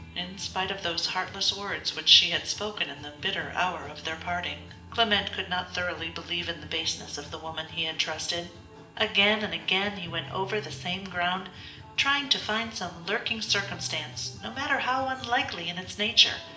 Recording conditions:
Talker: one person; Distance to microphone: 1.8 m; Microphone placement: close; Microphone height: 1.0 m; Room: large; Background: music

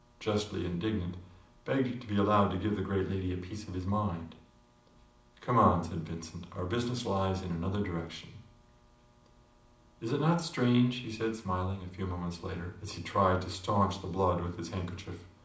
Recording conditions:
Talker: one person; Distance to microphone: 2.0 m; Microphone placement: close; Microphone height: 99 cm; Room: medium-sized (5.7 m by 4.0 m); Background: none

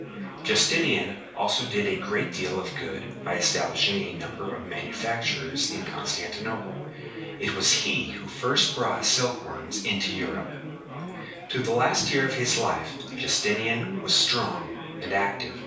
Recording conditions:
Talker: one person; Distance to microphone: 3.0 m; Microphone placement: far; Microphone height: 1.8 m; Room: small (3.7 m by 2.7 m); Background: babble

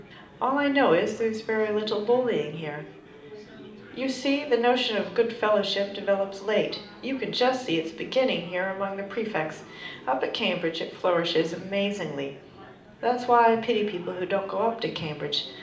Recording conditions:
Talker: one person; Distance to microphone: 2.0 m; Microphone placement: close; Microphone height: 99 cm; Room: medium-sized (5.7 m by 4.0 m); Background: babble

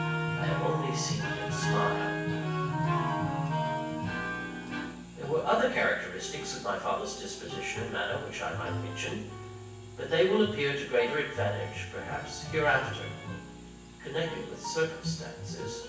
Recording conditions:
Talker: one person; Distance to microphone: 9.8 m; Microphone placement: far; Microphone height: 1.8 m; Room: large; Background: music

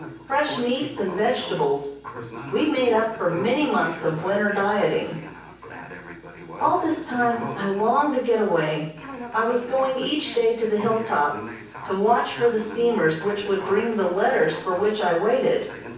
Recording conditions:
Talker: one person; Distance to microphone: 9.8 m; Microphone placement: far; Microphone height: 1.8 m; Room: large; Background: television

